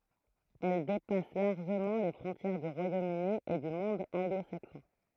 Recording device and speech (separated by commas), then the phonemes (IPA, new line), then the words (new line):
throat microphone, read sentence
ɛl depas laʁʒəmɑ̃ le fʁɔ̃tjɛʁ dy ʁwajom yni e dy mɔ̃d ɑ̃ɡlo saksɔ̃
Elle dépasse largement les frontières du Royaume-Uni et du monde anglo-saxon.